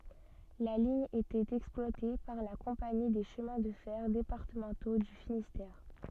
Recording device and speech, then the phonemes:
soft in-ear microphone, read sentence
la liɲ etɛt ɛksplwate paʁ la kɔ̃pani de ʃəmɛ̃ də fɛʁ depaʁtəmɑ̃to dy finistɛʁ

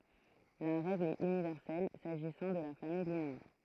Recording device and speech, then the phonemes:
throat microphone, read sentence
la ʁɛɡl ɛt ynivɛʁsɛl saʒisɑ̃ də la famij lineɛʁ

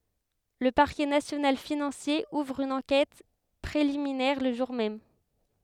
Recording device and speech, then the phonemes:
headset microphone, read sentence
lə paʁkɛ nasjonal finɑ̃sje uvʁ yn ɑ̃kɛt pʁeliminɛʁ lə ʒuʁ mɛm

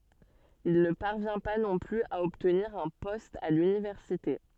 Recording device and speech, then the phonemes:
soft in-ear microphone, read sentence
il nə paʁvjɛ̃ pa nɔ̃ plyz a ɔbtniʁ œ̃ pɔst a lynivɛʁsite

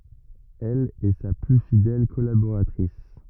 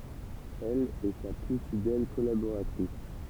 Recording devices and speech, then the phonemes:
rigid in-ear microphone, temple vibration pickup, read sentence
ɛl ɛ sa ply fidɛl kɔlaboʁatʁis

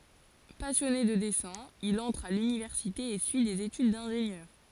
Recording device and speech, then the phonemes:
forehead accelerometer, read sentence
pasjɔne də dɛsɛ̃ il ɑ̃tʁ a lynivɛʁsite e syi dez etyd dɛ̃ʒenjœʁ

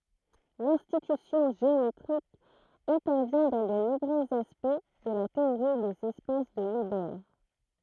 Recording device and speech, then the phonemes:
throat microphone, read sentence
lɛ̃tyisjɔ̃ ʒeometʁik ɛ̃tɛʁvjɛ̃ dɑ̃ də nɔ̃bʁøz aspɛkt də la teoʁi dez ɛspas də ilbɛʁ

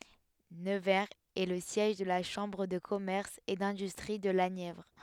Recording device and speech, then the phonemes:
headset microphone, read sentence
nəvɛʁz ɛ lə sjɛʒ də la ʃɑ̃bʁ də kɔmɛʁs e dɛ̃dystʁi də la njɛvʁ

